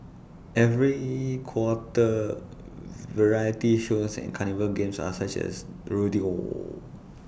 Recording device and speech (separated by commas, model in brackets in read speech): boundary microphone (BM630), read sentence